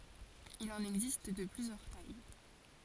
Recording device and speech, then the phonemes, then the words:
forehead accelerometer, read sentence
il ɑ̃n ɛɡzist də plyzjœʁ taj
Il en existe de plusieurs tailles.

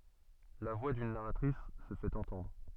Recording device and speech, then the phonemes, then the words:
soft in-ear microphone, read sentence
la vwa dyn naʁatʁis sə fɛt ɑ̃tɑ̃dʁ
La voix d'une narratrice se fait entendre.

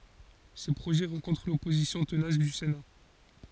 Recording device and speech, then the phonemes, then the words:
forehead accelerometer, read sentence
se pʁoʒɛ ʁɑ̃kɔ̃tʁ lɔpozisjɔ̃ tənas dy sena
Ces projets rencontrent l’opposition tenace du Sénat.

